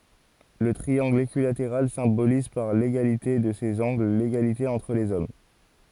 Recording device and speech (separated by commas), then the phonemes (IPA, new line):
forehead accelerometer, read sentence
lə tʁiɑ̃ɡl ekyilateʁal sɛ̃boliz paʁ leɡalite də sez ɑ̃ɡl leɡalite ɑ̃tʁ lez ɔm